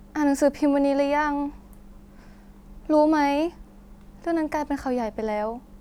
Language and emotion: Thai, frustrated